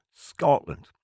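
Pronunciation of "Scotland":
The t in 'Scotland' is dropped, with glottalization in its place.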